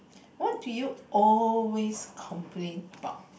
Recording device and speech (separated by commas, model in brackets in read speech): boundary microphone, conversation in the same room